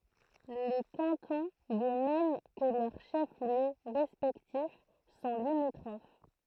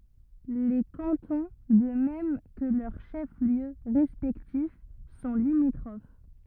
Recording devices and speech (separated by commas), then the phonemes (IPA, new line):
throat microphone, rigid in-ear microphone, read sentence
le kɑ̃tɔ̃ də mɛm kə lœʁ ʃɛfsljø ʁɛspɛktif sɔ̃ limitʁof